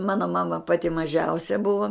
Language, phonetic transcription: Lithuanian, ˈmano ˈmama ˈpati maˈžiausia ˈbuvo

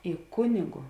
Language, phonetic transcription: Lithuanian, i ˈkunigu

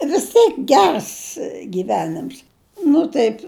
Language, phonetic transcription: Lithuanian, vis ˈtėk ˈgers gyˈvenims ˈnu taip

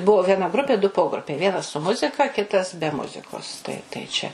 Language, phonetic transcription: Lithuanian, ˈbuvo vieˈna ˈgrupė du ˈpogrupiai ˈvienas su ˈmuzika ˈkitas be ˈmuzikos tai tai ˈčia

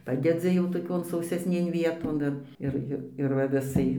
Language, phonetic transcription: Lithuanian, ˈpadedzi jau toˈkion sausesˈnėn ˈvieton ir ˈir ˈir ir va viˈsai

